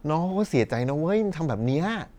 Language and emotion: Thai, frustrated